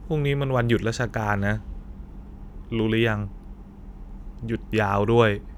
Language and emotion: Thai, neutral